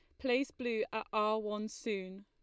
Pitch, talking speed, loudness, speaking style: 215 Hz, 175 wpm, -36 LUFS, Lombard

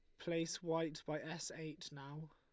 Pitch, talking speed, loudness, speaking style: 160 Hz, 170 wpm, -44 LUFS, Lombard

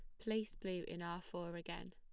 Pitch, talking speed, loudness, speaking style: 175 Hz, 210 wpm, -45 LUFS, plain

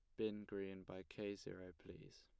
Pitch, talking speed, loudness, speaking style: 100 Hz, 180 wpm, -50 LUFS, plain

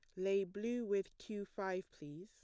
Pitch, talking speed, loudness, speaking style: 195 Hz, 175 wpm, -41 LUFS, plain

